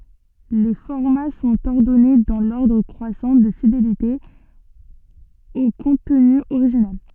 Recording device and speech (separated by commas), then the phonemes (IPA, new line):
soft in-ear microphone, read sentence
le fɔʁma sɔ̃t ɔʁdɔne dɑ̃ lɔʁdʁ kʁwasɑ̃ də fidelite o kɔ̃tny oʁiʒinal